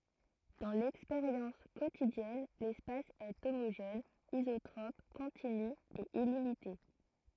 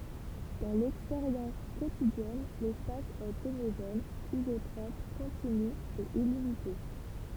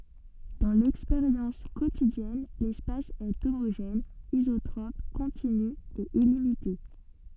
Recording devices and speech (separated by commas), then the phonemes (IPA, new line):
throat microphone, temple vibration pickup, soft in-ear microphone, read sentence
dɑ̃ lɛkspeʁjɑ̃s kotidjɛn lɛspas ɛ omoʒɛn izotʁɔp kɔ̃tiny e ilimite